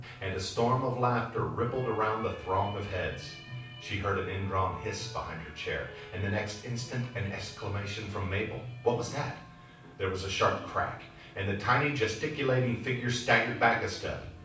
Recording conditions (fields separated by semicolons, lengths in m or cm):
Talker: one person; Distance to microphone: 5.8 m; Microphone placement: far; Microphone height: 1.8 m; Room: medium-sized (5.7 m by 4.0 m); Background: television